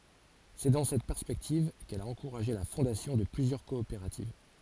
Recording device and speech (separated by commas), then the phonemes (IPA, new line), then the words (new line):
forehead accelerometer, read sentence
sɛ dɑ̃ sɛt pɛʁspɛktiv kɛl a ɑ̃kuʁaʒe la fɔ̃dasjɔ̃ də plyzjœʁ kɔopeʁativ
C'est dans cette perspective qu'elle a encouragé la fondation de plusieurs coopératives.